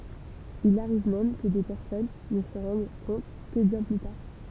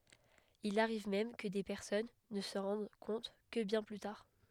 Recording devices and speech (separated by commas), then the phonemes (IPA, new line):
temple vibration pickup, headset microphone, read sentence
il aʁiv mɛm kə de pɛʁsɔn nə sɑ̃ ʁɑ̃d kɔ̃t kə bjɛ̃ ply taʁ